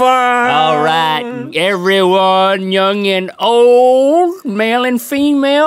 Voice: salesman voice